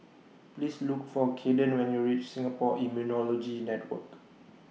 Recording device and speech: mobile phone (iPhone 6), read sentence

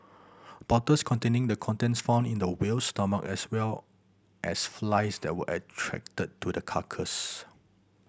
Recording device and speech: boundary microphone (BM630), read sentence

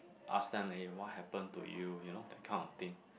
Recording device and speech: boundary microphone, conversation in the same room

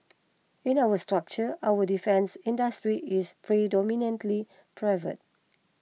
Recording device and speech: mobile phone (iPhone 6), read sentence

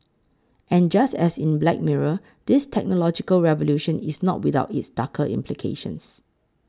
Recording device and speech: close-talking microphone (WH20), read sentence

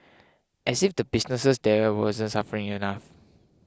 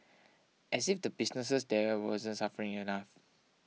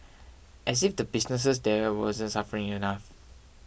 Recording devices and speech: close-talking microphone (WH20), mobile phone (iPhone 6), boundary microphone (BM630), read sentence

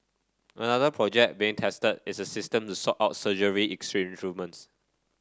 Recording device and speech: standing microphone (AKG C214), read sentence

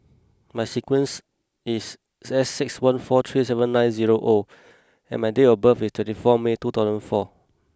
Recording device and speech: close-talking microphone (WH20), read sentence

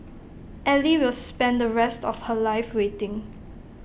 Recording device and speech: boundary microphone (BM630), read sentence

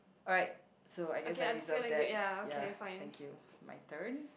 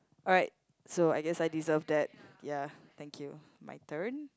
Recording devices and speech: boundary microphone, close-talking microphone, conversation in the same room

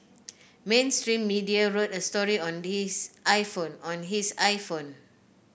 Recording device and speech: boundary microphone (BM630), read sentence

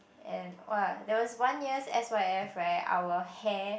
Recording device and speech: boundary microphone, conversation in the same room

